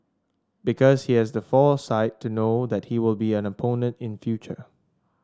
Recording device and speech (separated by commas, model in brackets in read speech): standing microphone (AKG C214), read sentence